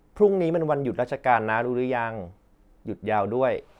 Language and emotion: Thai, neutral